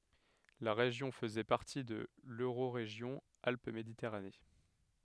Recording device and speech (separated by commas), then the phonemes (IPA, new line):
headset microphone, read sentence
la ʁeʒjɔ̃ fəzɛ paʁti də løʁoʁeʒjɔ̃ alp meditɛʁane